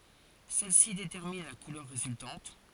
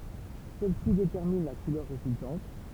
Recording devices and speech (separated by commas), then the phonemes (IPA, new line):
forehead accelerometer, temple vibration pickup, read sentence
sɛlɛsi detɛʁmin la kulœʁ ʁezyltɑ̃t